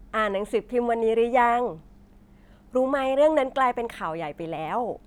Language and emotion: Thai, happy